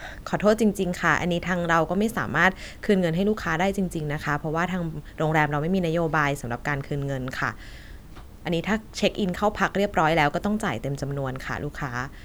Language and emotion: Thai, neutral